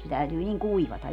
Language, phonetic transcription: Finnish, se täytyy 'niŋ "kuivata .
- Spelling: se täytyy niin kuivata

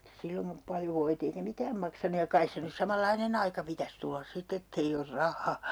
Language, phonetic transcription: Finnish, 'silloŋka , paljo 'voit ‿eikä 'mikääm maksanuj ja "kais se nys "samal'lainen ‿aika 'pitäs tullas 'sit ‿ett ‿ei or "rah̆haa .
- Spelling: silloinkaan paljon voit eikä mikään maksanut ja kai se nyt samanlainen aika pitäisi tulla sitten että ei ole rahaa

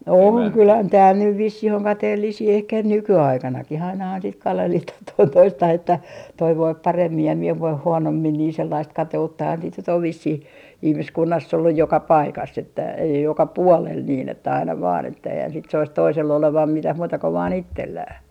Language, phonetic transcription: Finnish, 'oŋ 'kylä- , "tääl nyv 'vissih oŋ 'kateellisii ehkä "nyky₍aikanaki'h ‿ainahan sit "kalehlitah 'toin 'toistah ‿että , » toi 'voip 'paremmi ja mie 'voih 'huonommin » niin 'sellaist "kate₍uttahan sit nyt ‿ov 'vissih , 'ihmiskunnass ‿olluj 'joka "paikass ‿että ei , 'joka "puolel niin ‿että aina vaan että eihän sit sois 'toisell ‿olevam 'mitäh 'muuta ko vaan "ittellää .
- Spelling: on - täällä nyt vissiin on kateellisia ehkä nykyaikanakin ainahan sitten kadehditaan toinen toistaan että toinen voi paremmin ja minä voin huonommin niin sellaista kateuttahan sitten nyt on vissiin ihmiskunnassa ollut joka paikassa että ei joka puolella niin että aina vain että eihän sitä soisi toisella olevan mitään muuta kuin vain itsellään

